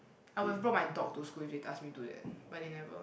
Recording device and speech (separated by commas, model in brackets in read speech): boundary microphone, conversation in the same room